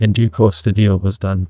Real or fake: fake